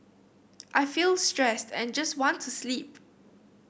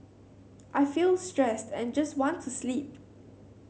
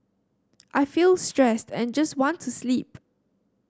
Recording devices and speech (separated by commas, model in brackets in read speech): boundary microphone (BM630), mobile phone (Samsung C7100), standing microphone (AKG C214), read sentence